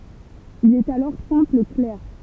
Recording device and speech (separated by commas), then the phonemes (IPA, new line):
temple vibration pickup, read sentence
il ɛt alɔʁ sɛ̃pl klɛʁ